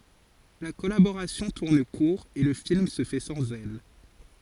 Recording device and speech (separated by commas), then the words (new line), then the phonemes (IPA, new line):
forehead accelerometer, read sentence
La collaboration tourne court et le film se fait sans elle.
la kɔlaboʁasjɔ̃ tuʁn kuʁ e lə film sə fɛ sɑ̃z ɛl